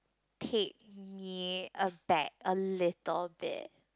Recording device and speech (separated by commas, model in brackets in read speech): close-talking microphone, conversation in the same room